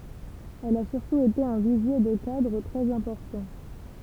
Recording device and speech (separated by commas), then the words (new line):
temple vibration pickup, read sentence
Elle a surtout été un vivier de cadres très importants.